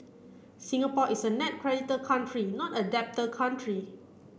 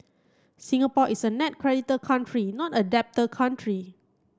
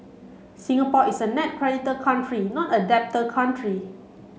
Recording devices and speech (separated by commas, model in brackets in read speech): boundary microphone (BM630), close-talking microphone (WH30), mobile phone (Samsung C7), read sentence